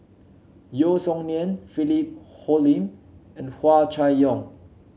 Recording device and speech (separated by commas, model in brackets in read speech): mobile phone (Samsung C7), read sentence